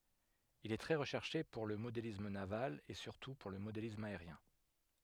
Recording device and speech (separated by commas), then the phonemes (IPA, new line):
headset microphone, read sentence
il ɛ tʁɛ ʁəʃɛʁʃe puʁ lə modelism naval e syʁtu puʁ lə modelism aeʁjɛ̃